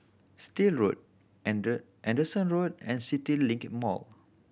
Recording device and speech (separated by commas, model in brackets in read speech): boundary microphone (BM630), read sentence